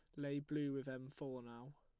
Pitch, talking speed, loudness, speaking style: 140 Hz, 225 wpm, -46 LUFS, plain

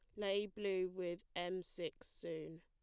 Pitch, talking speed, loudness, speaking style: 185 Hz, 150 wpm, -43 LUFS, plain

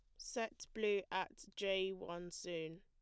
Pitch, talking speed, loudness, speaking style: 190 Hz, 140 wpm, -43 LUFS, plain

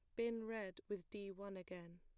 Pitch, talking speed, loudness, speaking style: 200 Hz, 200 wpm, -48 LUFS, plain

